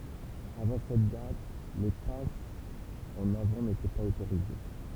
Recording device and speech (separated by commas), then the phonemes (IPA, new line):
temple vibration pickup, read sentence
avɑ̃ sɛt dat le pasz ɑ̃n avɑ̃ netɛ paz otoʁize